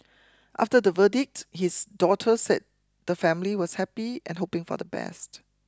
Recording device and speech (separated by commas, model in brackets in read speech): close-talking microphone (WH20), read sentence